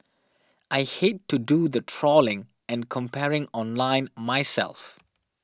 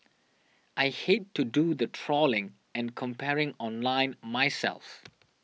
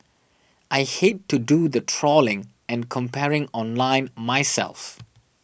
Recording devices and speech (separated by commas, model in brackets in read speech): standing microphone (AKG C214), mobile phone (iPhone 6), boundary microphone (BM630), read sentence